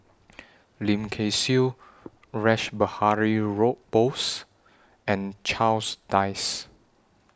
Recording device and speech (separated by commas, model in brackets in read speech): standing microphone (AKG C214), read sentence